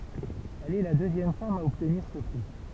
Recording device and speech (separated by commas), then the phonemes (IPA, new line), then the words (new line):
temple vibration pickup, read sentence
ɛl ɛ la døzjɛm fam a ɔbtniʁ sə pʁi
Elle est la deuxième femme a obtenir ce prix.